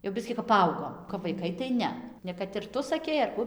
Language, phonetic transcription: Lithuanian, jau ˈbiskį kap paˈaugom kap vaiˈkai tai ˈne ne kad ir ˈtu saˈkei ar ˈku

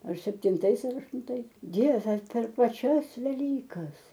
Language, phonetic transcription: Lithuanian, ar septinˈtais ar aštunˈtais ˈdieve per paˈčias veˈlykas

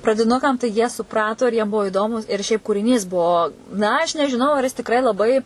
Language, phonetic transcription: Lithuanian, pradiˈnukam tai ˈjie suˈprato ir jiem ˈbuo iˈdomu ir šiaip kūriˈnys ˈbuo ˈna aš nežiˈnau ar jis tiˈkrai laˈbai

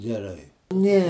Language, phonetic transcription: Lithuanian, geˈrai ˈne

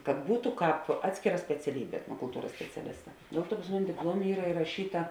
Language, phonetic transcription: Lithuanian, kad ˈbūtu ˈkāp ˈatskėˌra speciaˈlybė etnokulˈtūras speciaˈlista ˈdėl ˌtuo pas ˈmuni dipˈluomė ˈyra iraˈšyta

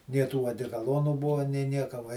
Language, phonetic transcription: Lithuanian, nie ˈtų adekaˈlonų ˈbuvo nė ˈnieka va

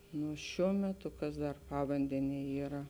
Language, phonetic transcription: Lithuanian, nu ˈšiuo meˈtu ˈkas dar ˈpavandenie ˈyra

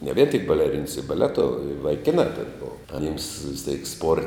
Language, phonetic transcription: Lithuanian, ne vien tik baleˈrins i baˈleto i vaiˈkinā ten ˈbova aˈnims vis tėk spor

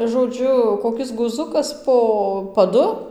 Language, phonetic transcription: Lithuanian, žoˈdžiu koˈkis guˈzukas po paˈdu

